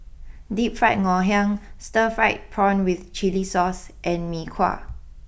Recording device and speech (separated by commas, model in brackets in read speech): boundary microphone (BM630), read sentence